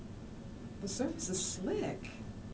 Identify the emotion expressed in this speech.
neutral